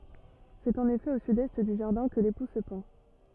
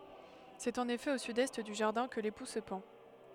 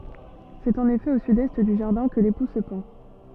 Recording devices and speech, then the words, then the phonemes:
rigid in-ear microphone, headset microphone, soft in-ear microphone, read sentence
C'est en effet au sud-est du jardin que l'époux se pend.
sɛt ɑ̃n efɛ o sydɛst dy ʒaʁdɛ̃ kə lepu sə pɑ̃

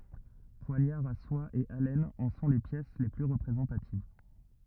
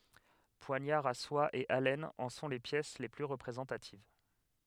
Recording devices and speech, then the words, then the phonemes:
rigid in-ear microphone, headset microphone, read sentence
Poignards à soie et alênes en sont les pièces les plus représentatives.
pwaɲaʁz a swa e alɛnz ɑ̃ sɔ̃ le pjɛs le ply ʁəpʁezɑ̃tativ

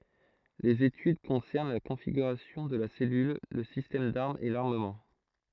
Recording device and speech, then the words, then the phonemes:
throat microphone, read sentence
Les études concernent la configuration de la cellule, le système d'armes et l'armement.
lez etyd kɔ̃sɛʁn la kɔ̃fiɡyʁasjɔ̃ də la sɛlyl lə sistɛm daʁmz e laʁməmɑ̃

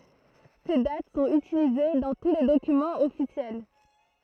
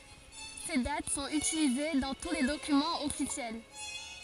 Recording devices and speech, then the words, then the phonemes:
throat microphone, forehead accelerometer, read sentence
Ces dates sont utilisées dans tous les documents officiels.
se dat sɔ̃t ytilize dɑ̃ tu le dokymɑ̃z ɔfisjɛl

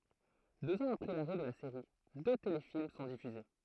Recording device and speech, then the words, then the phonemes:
throat microphone, read sentence
Deux ans après l'arrêt de la série, deux téléfilms sont diffusés.
døz ɑ̃z apʁɛ laʁɛ də la seʁi dø telefilm sɔ̃ difyze

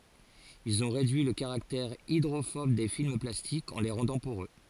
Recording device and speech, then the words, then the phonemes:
forehead accelerometer, read sentence
Ils ont réduit le caractère hydrophobe des films plastiques en les rendant poreux.
ilz ɔ̃ ʁedyi lə kaʁaktɛʁ idʁofɔb de film plastikz ɑ̃ le ʁɑ̃dɑ̃ poʁø

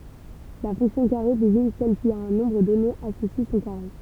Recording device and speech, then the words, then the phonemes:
temple vibration pickup, read sentence
La fonction carré désigne celle qui, à un nombre donné associe son carré.
la fɔ̃ksjɔ̃ kaʁe deziɲ sɛl ki a œ̃ nɔ̃bʁ dɔne asosi sɔ̃ kaʁe

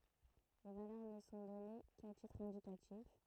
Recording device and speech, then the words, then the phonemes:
throat microphone, read sentence
Les valeurs ne sont données qu'à titre indicatif.
le valœʁ nə sɔ̃ dɔne ka titʁ ɛ̃dikatif

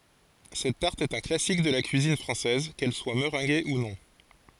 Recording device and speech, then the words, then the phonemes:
forehead accelerometer, read sentence
Cette tarte est un classique de la cuisine française, qu'elle soit meringuée ou non.
sɛt taʁt ɛt œ̃ klasik də la kyizin fʁɑ̃sɛz kɛl swa məʁɛ̃ɡe u nɔ̃

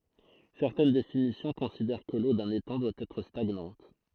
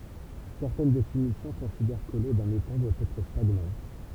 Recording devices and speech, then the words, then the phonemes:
throat microphone, temple vibration pickup, read sentence
Certaines définitions considèrent que l'eau d'un étang doit être stagnante.
sɛʁtɛn definisjɔ̃ kɔ̃sidɛʁ kə lo dœ̃n etɑ̃ dwa ɛtʁ staɡnɑ̃t

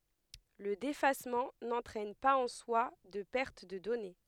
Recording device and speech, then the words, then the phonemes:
headset microphone, read sentence
Le défacement n'entraîne pas en soi de perte de données.
lə defasmɑ̃ nɑ̃tʁɛn paz ɑ̃ swa də pɛʁt də dɔne

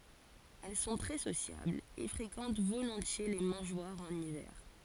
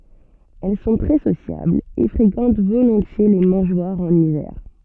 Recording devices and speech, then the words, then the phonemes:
forehead accelerometer, soft in-ear microphone, read sentence
Elles sont très sociables et fréquentent volontiers les mangeoires en hiver.
ɛl sɔ̃ tʁɛ sosjablz e fʁekɑ̃t volɔ̃tje le mɑ̃ʒwaʁz ɑ̃n ivɛʁ

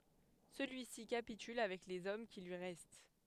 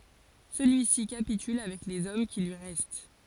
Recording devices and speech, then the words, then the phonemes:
headset microphone, forehead accelerometer, read sentence
Celui-ci capitule avec les hommes qui lui restent.
səlyi si kapityl avɛk lez ɔm ki lyi ʁɛst

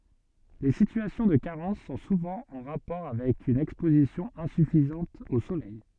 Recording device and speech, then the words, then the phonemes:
soft in-ear microphone, read sentence
Les situations de carence sont souvent en rapport avec une exposition insuffisante au soleil.
le sityasjɔ̃ də kaʁɑ̃s sɔ̃ suvɑ̃ ɑ̃ ʁapɔʁ avɛk yn ɛkspozisjɔ̃ ɛ̃syfizɑ̃t o solɛj

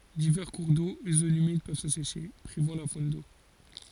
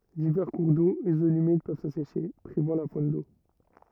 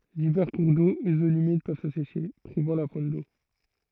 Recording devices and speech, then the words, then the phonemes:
forehead accelerometer, rigid in-ear microphone, throat microphone, read sentence
Divers cours d'eau et zones humides peuvent s'assécher, privant la faune d'eau.
divɛʁ kuʁ do e zonz ymid pøv saseʃe pʁivɑ̃ la fon do

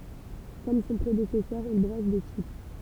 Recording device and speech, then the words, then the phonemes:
temple vibration pickup, read sentence
Comme son prédécesseur, il brosse des types.
kɔm sɔ̃ pʁedesɛsœʁ il bʁɔs de tip

